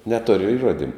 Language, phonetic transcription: Lithuanian, neˈtori iˈruodimu

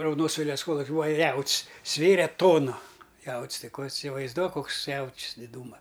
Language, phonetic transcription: Lithuanian, raudoˈnos ˈvėliavas ˈkoluki ˈbūa ˈjaut's' ˈsvėre ˈtonu ˈjaut's' ˈtai ˈko isivaizˈduok ˈkoks ˈjaut's' diˈdūma

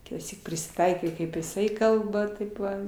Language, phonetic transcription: Lithuanian, kitąˈsyk prisiˈtaikai kaip jiˈsai ˈkalba ˈtaip va

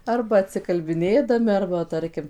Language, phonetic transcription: Lithuanian, ˈarba atsikalbiˈnėdami ˈarba ˈtarkim

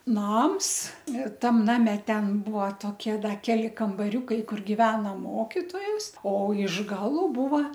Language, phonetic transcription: Lithuanian, ˈnams ˈtam ˈname ˈten ˈbuo ˈtokie ˈdar ˈkeli kambaˈriūkai ˈkur giˈvena ˈmokitojas o iš ˈgalu ˈbūva

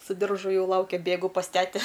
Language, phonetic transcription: Lithuanian, su ˈdiržu ˈjau ˈlaukia ˈbėgu pas ˈtete

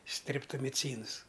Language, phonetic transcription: Lithuanian, streptomiˈcyns

